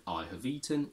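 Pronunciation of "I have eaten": In 'I have eaten', 'have' is not contracted: it keeps the h sound and is said with a schwa.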